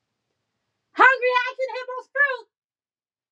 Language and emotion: English, neutral